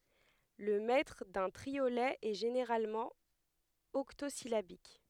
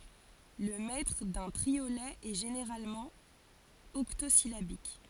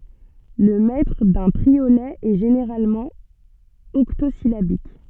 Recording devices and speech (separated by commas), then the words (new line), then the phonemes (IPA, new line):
headset microphone, forehead accelerometer, soft in-ear microphone, read sentence
Le mètre d'un triolet est généralement octosyllabique.
lə mɛtʁ dœ̃ tʁiolɛ ɛ ʒeneʁalmɑ̃ ɔktozilabik